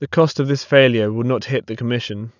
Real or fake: real